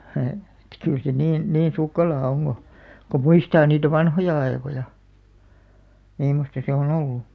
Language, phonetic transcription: Finnish, he- , ᵉt kyl se "niin , 'niin̬ 'sukkelaa oŋ ɢo , ko "muistaa niitä "vanhoja 'aekoja , 'mimmosta se o'n ‿ollu .
- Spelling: - että kyllä se niin niin sukkelaa on kun kun muistaa niitä vanhoja aikoja mimmoista se on ollut

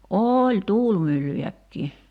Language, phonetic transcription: Finnish, "ooĺ "tuulmyllyjäkkii .
- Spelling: oli tuulimyllyjäkin

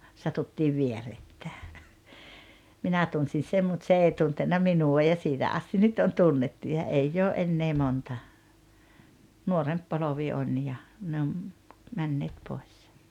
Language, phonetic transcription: Finnish, 'satuttiiv 'vierettää , "minä 'tunsin̬ "sem mut "se 'ei 'tuntenna "minu₍a ja 'siitä ’asti 'nyt on "tunnettu ja 'eijj ‿oo '’ennee 'monta , 'nuoremp 'polovi 'on ja , 'ne om , 'männeet 'poes .
- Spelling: satuttiin vierekkäin minä tunsin sen mutta se ei tuntenut minua ja siitä asti nyt on tunnettu ja ei ole enää monta nuorempi polvi on ja ne on menneet pois

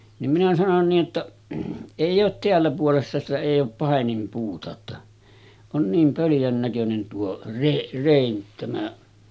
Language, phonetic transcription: Finnish, nim minä sanon nii’ ’että , » 'èij̆j ‿oot 'teällä puolessa sitä èij ‿oop 'pàenimpuuta otta , on 'niim pöljän näkönen tuo , re- 'rèin 'tämä « ,.
- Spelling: niin minä sanoin niin että ei ole täällä puolessa sitä ei ole paininpuuta jotta on niin pöljän näköinen tuo - rein tämä

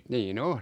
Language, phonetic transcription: Finnish, nii"n ‿o .
- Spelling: niin on

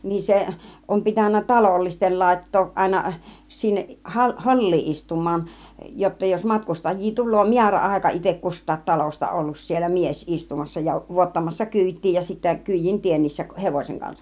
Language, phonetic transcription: Finnish, niin 'se , 'om pitännä "talollistel 'làit̀tooˀ ˀàina , 'sinneˀ , 'ha- , "hol͕̀l͕i 'istum̆maan , jotta jos 'matkustaj̆jii 'tul̆loo "miärä₍àika itek "kust̆taat 'talosta ollus siel̆lä "mies 'istumassa ja , 'vuottamassa "kỳit̀tii ja sittä 'kỳijin 'tiennissäˀ 'hevoseŋ kansAˀ .
- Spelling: niin se on pitänyt talollisten laittaa aina sinne - holli istumaan jotta jos matkustajia tulee määräaika itse kustakin talosta ollut siellä mies istumassa ja vuottamassa kyytiä ja sitten kyydin teennissä hevosen kanssa

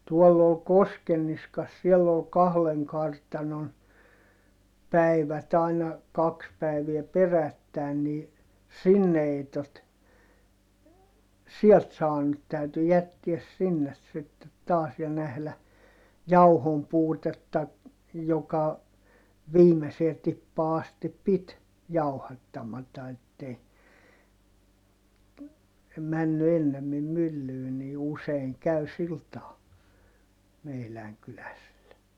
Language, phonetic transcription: Finnish, tuɔll ‿ol Koskenniskas siell ‿ol kahleŋ kartanon , päi̮vät ‿ai̮na , kaks päiviɛ perättä̀i̮n nii , sinne (ei tart-) , siɛlt saanut täyty jättiäs sinnes sittet taas ja nählä , jauhompuutetta , joka , viimesee tippaa astip pit , jau̬hattamata ettei , männy ennemmim myllyy ni useiŋ käy sil taa , meiläŋ kyläsil(le) .
- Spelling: tuolla oli Koskenniskassa siellä oli kahden kartanon päivät aina kaksi päivää perättäin niin sinne ei - sieltä saanut täytyi jättää sinne sitten taas ja nähdä jauhonpuutetta joka viimeiseen tippaan asti piti jauhattamatta että ei mennyt ennemmin myllyyn niin usein kävi sillä tavalla meidän kyläisille

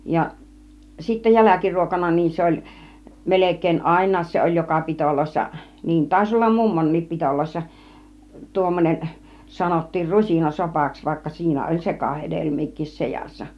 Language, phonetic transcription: Finnish, ja sittä "jäläkiruokana niin 'se oĺ , 'melek̀èin "àiǹaas 'se oĺ "joka 'pitoloissa , 'niin tàiś 'ollam "mummon̆niip 'pitòloissa , 'tuommonen , 'sanottiir 'rusina 'sopaks vaikka 'siinä oĺ "sekahed§elmiik̆kis 'sejassa .
- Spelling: ja sitten jälkiruokana niin se oli melkein aina se oli joka pidoissa niin taisi olla mummonkin pidoissa tuommoinen sanottiin - rusinasopaksi vaikka siinä oli sekahedelmiäkin seassa

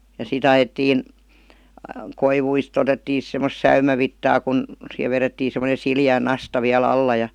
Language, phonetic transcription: Finnish, ja 'si"t ‿ajettiin , "koivuist 'otettii sis 'semmos "säymävittaa kun , sihev 'verettii semonen̬ 'sili₍ä̀ "nasta viä'l ‿alla ja ,.
- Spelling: ja sitten ajettiin koivuista otettiin sitten semmoista säynävitsaa kun siihen vedettiin semmoinen sileä nasta vielä alla ja

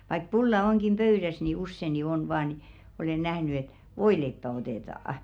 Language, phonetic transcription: Finnish, vaik 'pulla oŋkim "pöyðäs ni 'usse ni "on 'vaa ni , 'olen nähny et "voileippä 'otètà₍a .
- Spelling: vaikka pulla onkin pöydässä niin usein niin on vain niin olen nähnyt että voileipää otetaan

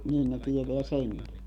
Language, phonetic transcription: Finnish, niin ne 'tieteä "seŋki .
- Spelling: niin ne tietää senkin

